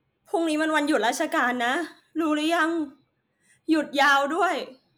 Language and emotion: Thai, sad